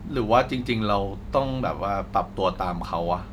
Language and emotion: Thai, frustrated